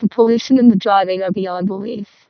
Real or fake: fake